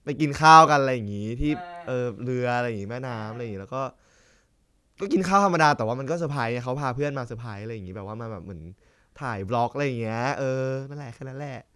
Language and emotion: Thai, happy